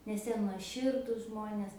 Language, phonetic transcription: Lithuanian, nes ˈjie nuoˈširdus ˈžmonės

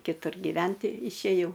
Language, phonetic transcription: Lithuanian, kiˈtur giˈventi išėˈjau

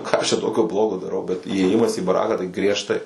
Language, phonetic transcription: Lithuanian, ˈką aš čia ˈtokio ˈblogo daˈrau bet įėˈjimas į baˈraką tai griežˈtai

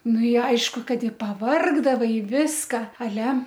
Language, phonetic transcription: Lithuanian, ˈnu i ˈaišku ˈkad i paˈvargdavai ˈviska aˈle

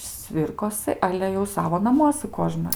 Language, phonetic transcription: Lithuanian, ˈsvirkosɨ ˈale jau ˈsavo ˈnamuosɨ ˈkožnas

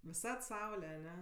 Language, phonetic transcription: Lithuanian, viˈsad ˈsaule aˈne

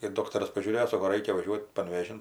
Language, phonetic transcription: Lithuanian, ir ˈdoktaras pažiūˈrėjo ˈsoko ˈraikia vaˈžiuot' panvėˈžin

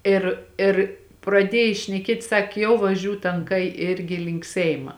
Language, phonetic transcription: Lithuanian, ˈir ˈir praˈdiej šneˈkiet' ˈsakė jau vaˈžiū tanˈkai ˈirgi link ˈseima

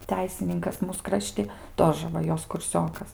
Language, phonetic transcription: Lithuanian, ˈteisininkas ˈmūs ˈkrašti ˈtožə va ˈjos kurˈsiokas

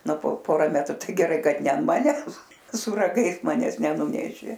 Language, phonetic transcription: Lithuanian, ˈnu po ˈpora ˈmetru ˈtai geˈrai ˈkad ˈne ant ˈmanes su raˈgais maˈnes neˈnūnešė

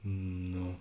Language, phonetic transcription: Lithuanian, ˈnu

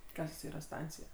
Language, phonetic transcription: Lithuanian, ˈkas tas ˈyra ˈstancija

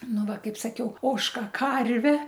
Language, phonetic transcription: Lithuanian, ˈnu ˈva ˈ kaip saˈkiau ˈožka ˈkarve

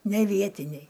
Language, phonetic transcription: Lithuanian, ne ˈvietiniai

